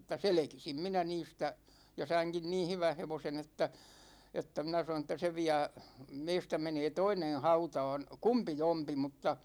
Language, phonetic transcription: Finnish, mŭtta "selekisim 'minä 'niistä , ja 'saiŋkin "niin̬ 'hyvän̬ 'hevosen ‿että , että 'minä sanon̬ ‿että 'se 'viä , 'meistä 'menee "toinen̬ 'hauta̭a̭n̬ , 'kumpi'jompi mutta ,.
- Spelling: mutta selkisin minä niistä ja sainkin niin hyvän hevosen että että minä sanoin että se vie meistä menee toinen hautaan kumpijompi mutta

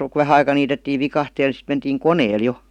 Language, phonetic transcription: Finnish, ku 'vähä aika niitettii 'vikahteel (ni) sit mentiiŋ "koneel "jo .
- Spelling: kun vähän aika niitettiin viikatteella niin sitten mentiin koneella jo

